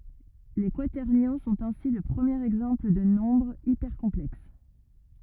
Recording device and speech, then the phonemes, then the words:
rigid in-ear microphone, read sentence
le kwatɛʁnjɔ̃ sɔ̃t ɛ̃si lə pʁəmjeʁ ɛɡzɑ̃pl də nɔ̃bʁz ipɛʁkɔ̃plɛks
Les quaternions sont ainsi le premier exemple de nombres hypercomplexes.

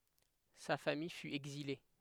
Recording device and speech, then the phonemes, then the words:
headset microphone, read sentence
sa famij fy ɛɡzile
Sa famille fut exilée.

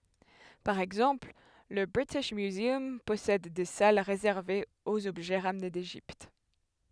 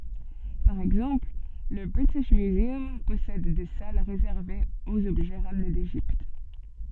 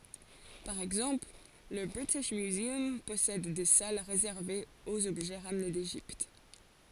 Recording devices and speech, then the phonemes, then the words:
headset microphone, soft in-ear microphone, forehead accelerometer, read sentence
paʁ ɛɡzɑ̃pl lə bʁitiʃ myzœm pɔsɛd de sal ʁezɛʁvez oz ɔbʒɛ ʁamne deʒipt
Par exemple, le British Museum possède des salles réservées aux objets ramenés d'Égypte.

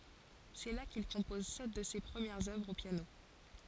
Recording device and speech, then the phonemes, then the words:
forehead accelerometer, read sentence
sɛ la kil kɔ̃pɔz sɛt də se pʁəmjɛʁz œvʁz o pjano
C'est là qu'il compose sept de ses premières œuvres au piano.

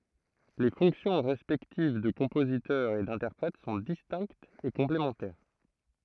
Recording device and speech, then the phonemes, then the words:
throat microphone, read sentence
le fɔ̃ksjɔ̃ ʁɛspɛktiv də kɔ̃pozitœʁ e dɛ̃tɛʁpʁɛt sɔ̃ distɛ̃ktz e kɔ̃plemɑ̃tɛʁ
Les fonctions respectives de compositeur et d'interprète sont distinctes et complémentaires.

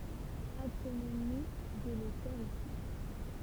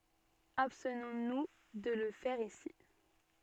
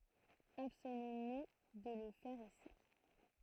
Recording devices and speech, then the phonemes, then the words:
temple vibration pickup, soft in-ear microphone, throat microphone, read sentence
abstnɔ̃ nu də lə fɛʁ isi
Abstenons nous de le faire ici.

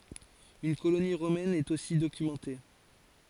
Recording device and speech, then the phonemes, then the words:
forehead accelerometer, read sentence
yn koloni ʁomɛn ɛt osi dokymɑ̃te
Une colonie romaine est aussi documentée.

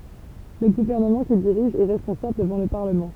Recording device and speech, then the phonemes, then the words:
temple vibration pickup, read sentence
lə ɡuvɛʁnəmɑ̃ kil diʁiʒ ɛ ʁɛspɔ̃sabl dəvɑ̃ lə paʁləmɑ̃
Le gouvernement qu'il dirige est responsable devant le Parlement.

